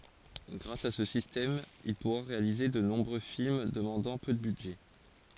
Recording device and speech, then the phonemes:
forehead accelerometer, read sentence
ɡʁas a sə sistɛm il puʁa ʁealize də nɔ̃bʁø film dəmɑ̃dɑ̃ pø də bydʒɛ

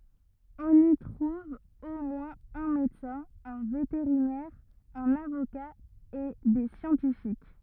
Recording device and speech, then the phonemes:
rigid in-ear microphone, read sentence
ɔ̃n i tʁuv o mwɛ̃z œ̃ medəsɛ̃ œ̃ veteʁinɛʁ œ̃n avoka e de sjɑ̃tifik

